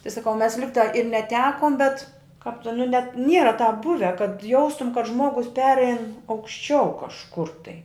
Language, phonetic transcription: Lithuanian, tai saˈkau mes ˈligtā ir neˈtekom bet kāp tin nu net ˈniera tāp ˈbuve kad ˈjaustum kad ˈžmuogus ˈperein aukšˈčiau kažˈkur tai

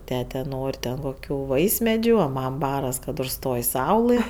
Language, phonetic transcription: Lithuanian, ˈtete ˈnor' ten koˈkių ˈvaismedžiu o ˈmam ˈbaras kad užˈstoj ˈsaulɘ

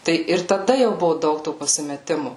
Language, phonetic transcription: Lithuanian, ˈtai ir taˈda jau ˈbuvu ˈdaug to pasimeˈtimu

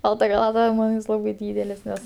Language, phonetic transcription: Lithuanian, ˈbalta chaˈlata ˈman jis ˈlabai ˈdydelis ˈnes

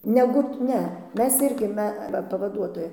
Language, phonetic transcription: Lithuanian, ˈnegu ˈne ˈmes ˈirgi ˈme ˈva pavaˈduotoja

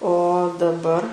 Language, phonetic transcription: Lithuanian, o daˈbar

